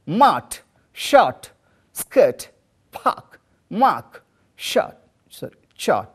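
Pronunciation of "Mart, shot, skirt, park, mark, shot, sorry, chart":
These words are pronounced correctly, with the r before the following consonant not pronounced.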